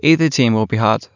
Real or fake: real